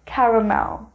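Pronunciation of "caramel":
'Caramel' is pronounced correctly here.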